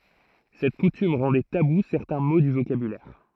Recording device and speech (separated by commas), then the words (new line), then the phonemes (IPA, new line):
throat microphone, read sentence
Cette coutume rendait tabous certains mots du vocabulaire.
sɛt kutym ʁɑ̃dɛ tabu sɛʁtɛ̃ mo dy vokabylɛʁ